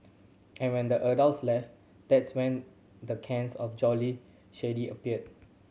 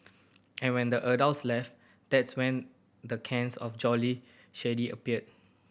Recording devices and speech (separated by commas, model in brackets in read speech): mobile phone (Samsung C7100), boundary microphone (BM630), read sentence